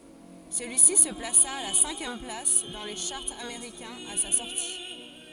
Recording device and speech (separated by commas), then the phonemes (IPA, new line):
forehead accelerometer, read sentence
səlyisi sə plasa a la sɛ̃kjɛm plas dɑ̃ le ʃaʁz ameʁikɛ̃z a sa sɔʁti